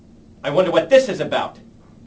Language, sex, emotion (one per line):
English
male
angry